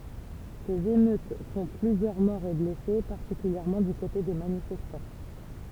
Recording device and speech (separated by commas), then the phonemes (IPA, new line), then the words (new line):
temple vibration pickup, read sentence
sez emøt fɔ̃ plyzjœʁ mɔʁz e blɛse paʁtikyljɛʁmɑ̃ dy kote de manifɛstɑ̃
Ces émeutes font plusieurs morts et blessés, particulièrement du côté des manifestants.